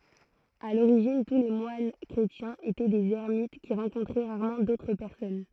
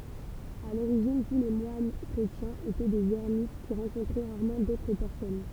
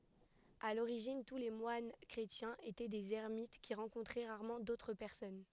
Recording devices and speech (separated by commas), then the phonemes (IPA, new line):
throat microphone, temple vibration pickup, headset microphone, read sentence
a loʁiʒin tu le mwan kʁetjɛ̃z etɛ dez ɛʁmit ki ʁɑ̃kɔ̃tʁɛ ʁaʁmɑ̃ dotʁ pɛʁsɔn